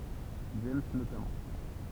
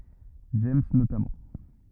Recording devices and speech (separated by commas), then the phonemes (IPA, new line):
temple vibration pickup, rigid in-ear microphone, read sentence
dʒɛmz notamɑ̃